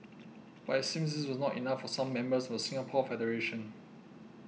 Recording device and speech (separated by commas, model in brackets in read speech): mobile phone (iPhone 6), read sentence